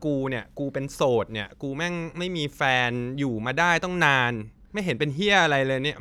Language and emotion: Thai, frustrated